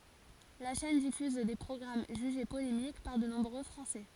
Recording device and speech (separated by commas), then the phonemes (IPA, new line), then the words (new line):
forehead accelerometer, read sentence
la ʃɛn difyz de pʁɔɡʁam ʒyʒe polemik paʁ də nɔ̃bʁø fʁɑ̃sɛ
La chaîne diffuse des programmes jugés polémiques par de nombreux Français.